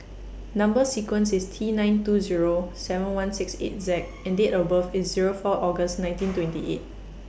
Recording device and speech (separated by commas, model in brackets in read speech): boundary microphone (BM630), read sentence